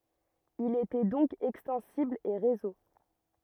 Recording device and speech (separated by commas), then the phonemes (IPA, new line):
rigid in-ear microphone, read sentence
il etɛ dɔ̃k ɛkstɑ̃sibl e ʁezo